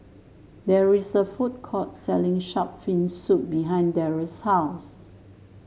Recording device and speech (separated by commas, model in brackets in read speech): mobile phone (Samsung S8), read sentence